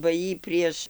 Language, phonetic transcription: Lithuanian, ba ˈjy ˈprieš

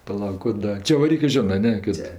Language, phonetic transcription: Lithuanian, paˈlauk ku ˈda čevaˈrykɜ ˈžinɜ a ˈne ˈkad

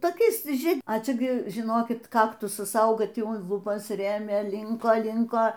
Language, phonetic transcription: Lithuanian, toˈkiais ˈžie a ˈčia gi žiˈnokit ˈkaktusas ˈauga ˈtį un luˈbas ˈrėmė ˈlinko ˈlinko

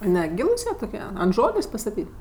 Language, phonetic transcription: Lithuanian, neˈgylus jie toˈkie ant ˈžolės' pastaˈtyt'

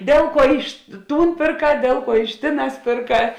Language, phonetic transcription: Lithuanian, ˈdėl ˌkuo ˈiš ˈtūn pėrˈkā ˈdėl ˌkuo iš ˈtėˌnās pėrˈkā

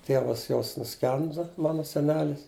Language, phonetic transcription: Lithuanian, ˈtievas jos nuˈskendu ˈmanu seˈnelis

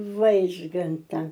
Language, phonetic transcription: Lithuanian, ˈvaižganta

